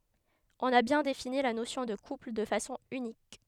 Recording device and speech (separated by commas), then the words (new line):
headset microphone, read sentence
On a bien défini la notion de couple de façon unique.